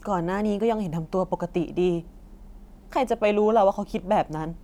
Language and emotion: Thai, sad